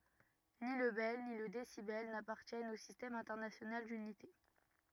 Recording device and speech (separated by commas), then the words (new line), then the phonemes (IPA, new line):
rigid in-ear microphone, read sentence
Ni le bel, ni le décibel n'appartiennent au Système international d'unités.
ni lə bɛl ni lə desibɛl napaʁtjɛnt o sistɛm ɛ̃tɛʁnasjonal dynite